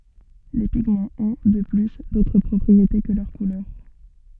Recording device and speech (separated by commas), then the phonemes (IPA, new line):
soft in-ear microphone, read sentence
le piɡmɑ̃z ɔ̃ də ply dotʁ pʁɔpʁiete kə lœʁ kulœʁ